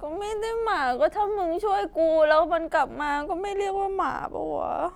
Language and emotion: Thai, sad